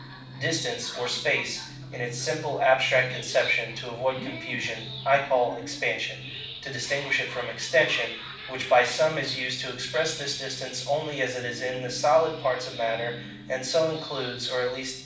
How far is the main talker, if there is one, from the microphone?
5.8 m.